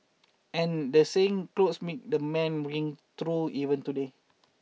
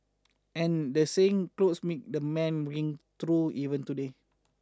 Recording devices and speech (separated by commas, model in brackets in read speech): mobile phone (iPhone 6), standing microphone (AKG C214), read sentence